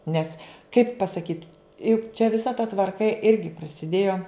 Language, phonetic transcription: Lithuanian, ˈnes kaip pasaˈkyt juk čia viˈsa ta tvarˈka ˈirgi prasiˈdėjo

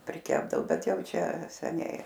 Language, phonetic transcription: Lithuanian, priˈkepdao ˈbet ˈjau ˈčia seˈniai

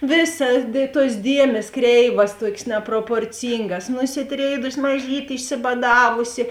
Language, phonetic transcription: Lithuanian, ˈvėˌsa dė tuos ˈdiemės ˈkreivas ˈtuokės neproporˈcyngas nusiˈtrėidusi maˈžytė išsibaˈdavusi

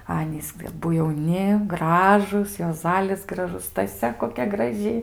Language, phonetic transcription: Lithuanian, ˈanys aˈbu jauˈni ˈgražūs juoˈzalis graˈžus staˈsia koˈkia graˈži

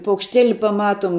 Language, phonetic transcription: Lithuanian, paukšˈtėli paˈmatom

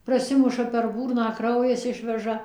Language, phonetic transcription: Lithuanian, praˈsimuša per ˈbūrną ˈkraujas ˈišveža

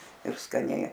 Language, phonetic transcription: Lithuanian, ir skaˈniai

